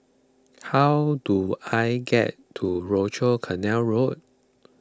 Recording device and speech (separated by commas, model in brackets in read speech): close-talking microphone (WH20), read sentence